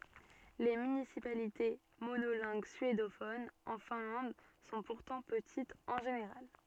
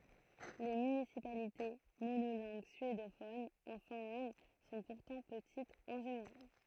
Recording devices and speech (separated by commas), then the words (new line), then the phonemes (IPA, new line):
soft in-ear microphone, throat microphone, read sentence
Les municipalités monolingues suédophones en Finlande sont pourtant petites en général.
le mynisipalite monolɛ̃ɡ syedofonz ɑ̃ fɛ̃lɑ̃d sɔ̃ puʁtɑ̃ pətitz ɑ̃ ʒeneʁal